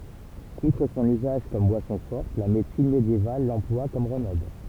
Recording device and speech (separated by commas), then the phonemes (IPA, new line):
temple vibration pickup, read sentence
utʁ sɔ̃n yzaʒ kɔm bwasɔ̃ fɔʁt la medəsin medjeval lɑ̃plwa kɔm ʁəmɛd